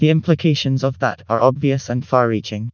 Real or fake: fake